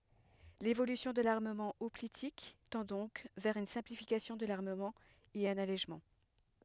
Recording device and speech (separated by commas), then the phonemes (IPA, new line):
headset microphone, read sentence
levolysjɔ̃ də laʁməmɑ̃ ɔplitik tɑ̃ dɔ̃k vɛʁ yn sɛ̃plifikasjɔ̃ də laʁməmɑ̃ e œ̃n alɛʒmɑ̃